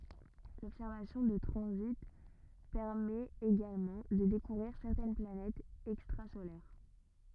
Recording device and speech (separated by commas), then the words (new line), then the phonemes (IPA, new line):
rigid in-ear microphone, read sentence
L'observation de transits permet également de découvrir certaines planètes extrasolaires.
lɔbsɛʁvasjɔ̃ də tʁɑ̃zit pɛʁmɛt eɡalmɑ̃ də dekuvʁiʁ sɛʁtɛn planɛtz ɛkstʁazolɛʁ